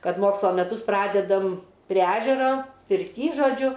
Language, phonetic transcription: Lithuanian, ˈkad ˈmokslo meˈtus ˈpradedam prie ˈežero pirˈty žoˈdžiu

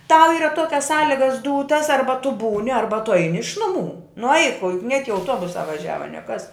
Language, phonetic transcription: Lithuanian, tau ˈyra ˈtuokias ˈsąligas ˈdūtas ˈarba tu ˈbūni ˈarba tu ˈaini iš ˈnuˌmų nu aik o juk niek i auˈtuobusā vaˈžiava nie kas

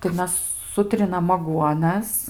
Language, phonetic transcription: Lithuanian, tai ˈmes ˈsutrinam aˈguonas

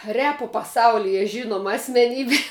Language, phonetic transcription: Lithuanian, ˈrepo paˈsaulije ˈžinoma asmeˈnybė

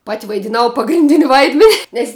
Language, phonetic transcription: Lithuanian, pat' vaidiˈnau pagrinˈdin' ˈvaidmen' ˈnes

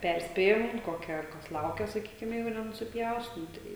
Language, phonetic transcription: Lithuanian, ˈperspėjam ˈkokia ˈkas ˈlaukia saˈkykim ˈjeigu nenusiˈpjaus nu ˈtai

